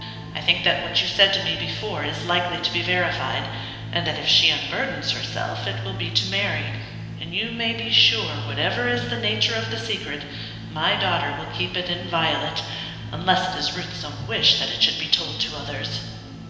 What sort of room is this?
A large and very echoey room.